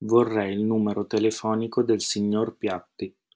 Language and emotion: Italian, neutral